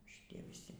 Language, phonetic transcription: Lithuanian, šiˈtie viˈsi

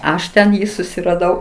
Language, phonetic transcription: Lithuanian, ˈaš ˈten ˈjį susiraˈdau

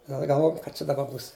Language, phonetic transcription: Lithuanian, gal galˈvojam ka ˈčia daˈba ˈbūs

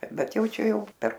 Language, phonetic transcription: Lithuanian, ˈbet ˈjau ˈčia ˈjau per

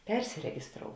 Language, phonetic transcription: Lithuanian, ˈpersiregisˌtrou

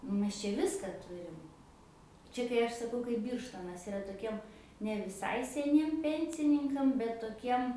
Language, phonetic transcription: Lithuanian, ˈmes čia ˈviska ˈturim ˈčia kai ˈaš saˈkau kaip ˈbyrštonas iˈra toˈkiem ne viˈsai seˈniem ˈpensininkam bet toˈkiem

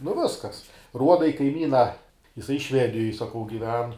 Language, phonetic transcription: Lithuanian, nu ˈviskas ˈruoda i kaiˈmyna jiˈsai ˈšvedijoj saˈkau giˈven

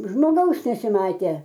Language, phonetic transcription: Lithuanian, žmoˈgaus nesiˈmatė

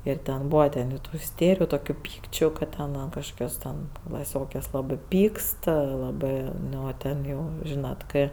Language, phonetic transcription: Lithuanian, ir ˈten ˈbūva ten jau ˈtų iˈstėriju toˈkių ˈpykčiu kad ˈten ˈan kažˈkokios ten klaˈsiokes laˈbɜ ˈpykst laˈbɜ ˈnu ˈten jau ˈžynat ˈkɜ

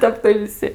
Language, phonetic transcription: Lithuanian, ˈtep tai viˈsi

